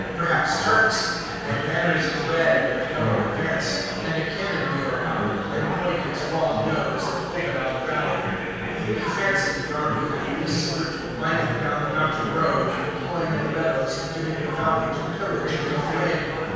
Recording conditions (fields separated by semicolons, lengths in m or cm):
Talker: one person; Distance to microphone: 7.1 m; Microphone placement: far; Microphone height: 1.7 m; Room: very reverberant, large; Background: babble